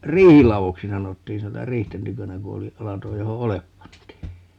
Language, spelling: Finnish, riihiladoksi sanottiin - - riihten tykönä kun oli lato johon oljet pantiin
- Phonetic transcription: "riihilavoksi 'sanottiin (siin - tä-) "riihten 'tykönä 'ku oli , 'lato 'joho "olep 'pantii .

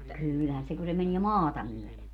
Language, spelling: Finnish, kyllähän se kun se menee maata myöden
- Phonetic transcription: 'kyylhän se ku se 'menie "maata myöle .

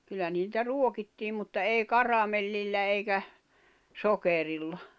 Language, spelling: Finnish, kyllä niitä ruokittiin mutta ei karamellillä eikä sokerilla
- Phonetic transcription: kyllä niitä 'ruokittiim̆ mutta 'èi "karamellillä eikä , 'sokerilla .

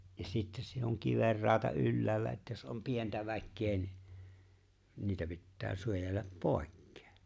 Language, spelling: Finnish, ja sitten se on kivenrauta ylhäällä että jos on pientä väkeä niin niitä pitää suojella pois
- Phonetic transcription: ja 'sittes se on 'kiverraata '’ylläällä että jos ’om 'pientä väkkee ni , 'niitä pittää 'suojellap "pòekkᴇᴇ .

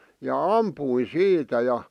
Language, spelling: Finnish, ja ammuin siitä ja
- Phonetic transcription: ja "ampuin 'siitä ja ,.

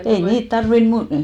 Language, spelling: Finnish, ei niitä tarvinnut -
- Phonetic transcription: ei 'niit 'tarvin 'mu- ,.

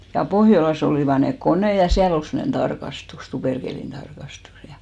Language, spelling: Finnish, ja Pohjolassa olivat ne koneet ja siellä oli semmoinen tarkastus tuperkelin tarkastus ja
- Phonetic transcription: ja 'Pohjolas ‿olìva nek "konè ja 'siäl ‿ol semmᵒnen 'tarkastus , 'tuperkèlin 'tarkastus ja .

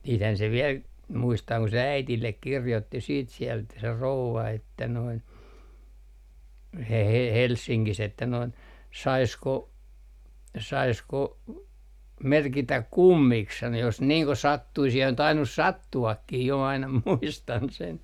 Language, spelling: Finnish, sittenhän se vielä muistaa kun äidille kirjoitti sitten sieltä se rouva että noin - - Helsingissä että noin saisiko saisiko merkitä kummiksi sanoi jos niin kuin sattuisi ja on tainnut sattuakin jo aina muistan sen
- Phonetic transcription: siithän se viɛl , muistaa ku "äitillek 'kirjotti siit 'siɛlt se "rouva että noin , He - He - 'Helssiŋkis ‿että noin , » 'saisko , 'saisko , 'merkitäk "kummiks » sano » jos niiŋ ko 'sattuis ja on 'tainus "sattu₍akkih jo » aina 'muistan sen .

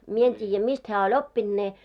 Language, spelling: Finnish, minä en tiedä mistä hän oli oppinut ne
- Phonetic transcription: 'mie en 't́iijjä 'mist hää oĺ "oppinᴅ 'ne .

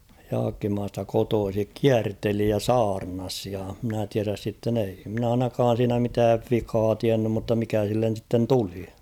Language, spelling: Finnish, Jaakkimasta kotoisin kierteli ja saarnasi ja minä tiedä sitten ei minä ainakaan siinä mitään vikaa tiennyt mutta mikä sille sitten tuli
- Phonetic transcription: 'Jaakkimaasta 'kotoosik "kiärteli ja "saarnas ja mᵎnä 'tiäräs sitten ‿ei mᵎnä 'ainakaan̬ siinä mitääv "vikaa 'tiännym mutta 'mikä sillen̬ sitten "tuli .

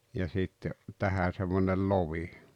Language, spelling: Finnish, ja sitten tähän semmoinen lovi
- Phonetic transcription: ja sitte , 'tähä semmonel "lovi .

